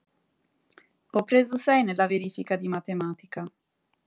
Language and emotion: Italian, neutral